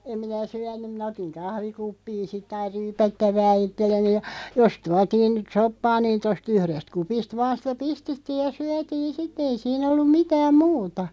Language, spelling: Finnish, en minä syönyt minä otin kahvikuppiin sitten aina ryypättävää itselleni ja jos tuotiin nyt soppaa niin tuosta yhdestä kupista vain sitä pistettiin ja syötiin sitten ei siinä ollut mitään muuta
- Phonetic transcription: 'em minä "syän̆nym 'mⁱnä otiŋ 'kahvikuppiin̬ 'sitᵗ ‿aiʳ "ryypättävää 'ittelleni ja , 'jos 'tuatiin (nyt) "soppaa niin 'tos"t ‿yhrest 'kupist "vaan̬ 'sⁱtä 'pistettiij ja 'syätiin "sit'ᵗ ‿ei siin ‿ollum 'mitääm "muuta .

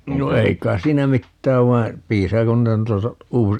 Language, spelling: Finnish, no ei kai siinä mitään vaan piisaako noita noita -
- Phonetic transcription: no 'ei k̀ais 'siinä "mittääv 'vai̮ , 'piisaako 'nuita (nuita) , "uusi - ,.

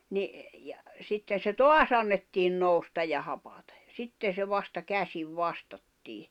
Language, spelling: Finnish, niin ja sitten se taas annettiin nousta ja hapattua ja sitten se vasta käsin vastattiin
- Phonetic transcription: ni , ja , sitten̬ se "toas ‿annettiin 'nòustaj ja 'hapatᴀJ ᴊᴀ 'sitten̬ se 'vasta "käsiv 'vastattii .

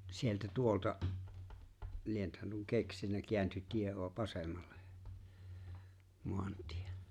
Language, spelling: Finnish, sieltä tuolta lienethän nuo keksinyt kääntyi tie - vasemmalle maantie
- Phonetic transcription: 'sieltä 'tuolta , 'lienᵉthän nuo 'keksinä keänty 'tie o- 'vasemmal̆le , 'moant̀ɪᴇ .

